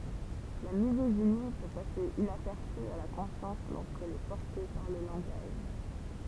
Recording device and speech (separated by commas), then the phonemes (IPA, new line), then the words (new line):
temple vibration pickup, read sentence
la mizoʒini pø pase inapɛʁsy a la kɔ̃sjɑ̃s loʁskɛl ɛ pɔʁte paʁ lə lɑ̃ɡaʒ
La misogynie peut passer inaperçue à la conscience lorsqu'elle est portée par le langage.